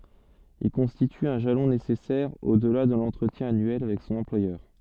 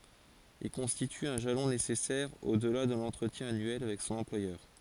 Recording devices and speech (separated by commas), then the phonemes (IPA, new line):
soft in-ear microphone, forehead accelerometer, read sentence
il kɔ̃stity œ̃ ʒalɔ̃ nesɛsɛʁ odla də lɑ̃tʁətjɛ̃ anyɛl avɛk sɔ̃n ɑ̃plwajœʁ